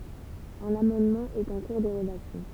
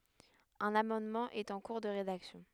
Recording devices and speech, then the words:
temple vibration pickup, headset microphone, read sentence
Un amendement est en cours de rédaction.

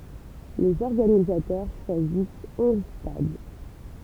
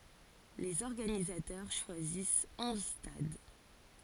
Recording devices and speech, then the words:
temple vibration pickup, forehead accelerometer, read sentence
Les organisateurs choisissent onze stades.

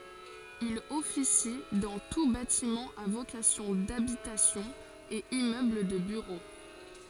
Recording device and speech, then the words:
forehead accelerometer, read sentence
Il officie dans tous bâtiments à vocation d'habitation et immeubles de bureaux.

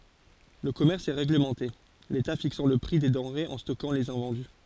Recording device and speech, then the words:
forehead accelerometer, read sentence
Le commerce est réglementé, l’État fixant le prix des denrées et stockant les invendus.

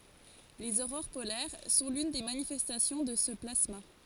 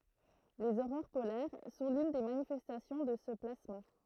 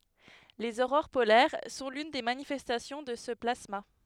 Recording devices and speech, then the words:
forehead accelerometer, throat microphone, headset microphone, read sentence
Les aurores polaires sont l'une des manifestations de ce plasma.

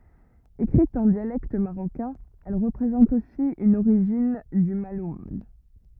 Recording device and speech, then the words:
rigid in-ear microphone, read sentence
Écrite en dialecte marocain, elle représente aussi une origine du malhoun.

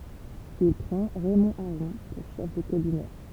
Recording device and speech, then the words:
temple vibration pickup, read sentence
Il prend Raymond Aron pour chef de cabinet.

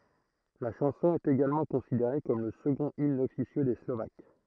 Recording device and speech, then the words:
throat microphone, read sentence
La chanson est également considérée comme le second hymne officieux des Slovaques.

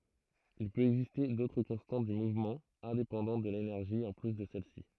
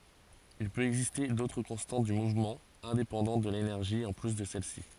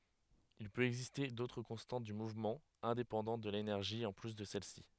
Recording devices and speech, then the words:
throat microphone, forehead accelerometer, headset microphone, read sentence
Il peut exister d'autres constantes du mouvement indépendantes de l'énergie en plus de celle-ci.

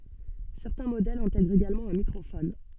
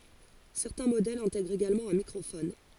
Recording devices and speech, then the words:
soft in-ear microphone, forehead accelerometer, read sentence
Certains modèles intègrent également un microphone.

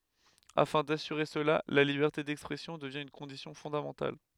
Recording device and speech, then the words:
headset microphone, read sentence
Afin d'assurer cela, la liberté d’expression devient une condition fondamentale.

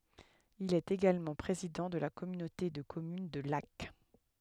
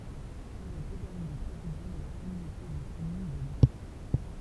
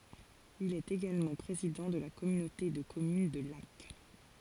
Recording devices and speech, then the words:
headset microphone, temple vibration pickup, forehead accelerometer, read sentence
Il est également président de la communauté de communes de Lacq.

